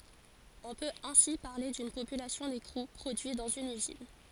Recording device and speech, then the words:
forehead accelerometer, read sentence
On peut ainsi parler d'une population d'écrous produits dans une usine.

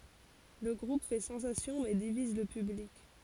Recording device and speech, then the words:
forehead accelerometer, read sentence
Le groupe fait sensation mais divise le public.

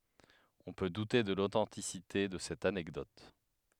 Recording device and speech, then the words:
headset microphone, read sentence
On peut douter de l'authenticité de cette anecdote.

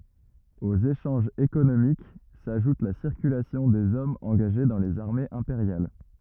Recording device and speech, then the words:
rigid in-ear microphone, read sentence
Aux échanges économiques s'ajoute la circulation des hommes engagés dans les armées impériales.

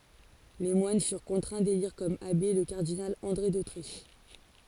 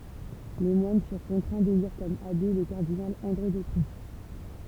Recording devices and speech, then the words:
forehead accelerometer, temple vibration pickup, read sentence
Les moines furent contraints d'élire comme abbé, le cardinal André d'Autriche.

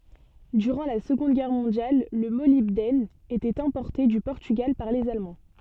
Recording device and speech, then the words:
soft in-ear microphone, read sentence
Durant la Seconde Guerre mondiale, le molybdène était importé du Portugal par les Allemands.

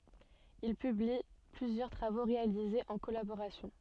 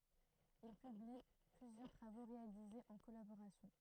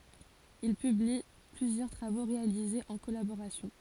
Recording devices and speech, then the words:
soft in-ear microphone, throat microphone, forehead accelerometer, read sentence
Ils publient plusieurs travaux réalisés en collaboration.

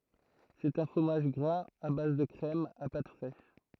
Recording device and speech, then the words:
throat microphone, read sentence
C'est un fromage gras à base de crème, à pâte fraîche.

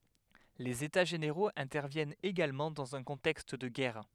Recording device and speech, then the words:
headset microphone, read sentence
Les états généraux interviennent également dans un contexte de guerre.

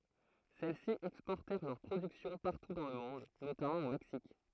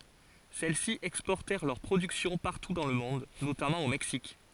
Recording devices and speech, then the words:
throat microphone, forehead accelerometer, read sentence
Celles-ci exportèrent leur production partout dans le monde, notamment au Mexique.

